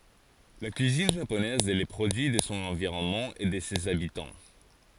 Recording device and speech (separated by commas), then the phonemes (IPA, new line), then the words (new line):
forehead accelerometer, read sentence
la kyizin ʒaponɛz ɛ lə pʁodyi də sɔ̃ ɑ̃viʁɔnmɑ̃ e də sez abitɑ̃
La cuisine japonaise est le produit de son environnement et de ses habitants.